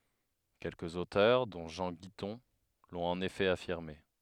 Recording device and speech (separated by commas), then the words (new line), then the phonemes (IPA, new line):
headset microphone, read sentence
Quelques auteurs, dont Jean Guitton, l'ont en effet affirmé.
kɛlkəz otœʁ dɔ̃ ʒɑ̃ ɡitɔ̃ lɔ̃t ɑ̃n efɛ afiʁme